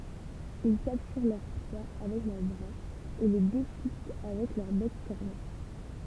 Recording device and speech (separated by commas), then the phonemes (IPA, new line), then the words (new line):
temple vibration pickup, read sentence
il kaptyʁ lœʁ pʁwa avɛk lœʁ bʁaz e le deʃikɛt avɛk lœʁ bɛk kɔʁne
Ils capturent leurs proies avec leurs bras, et les déchiquettent avec leur bec corné.